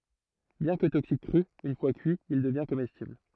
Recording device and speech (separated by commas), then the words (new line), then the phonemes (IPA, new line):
throat microphone, read sentence
Bien que toxique cru, une fois cuit, il devient comestible.
bjɛ̃ kə toksik kʁy yn fwa kyi il dəvjɛ̃ komɛstibl